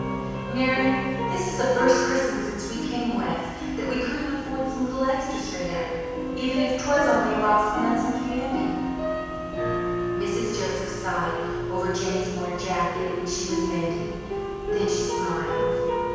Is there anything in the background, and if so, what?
Music.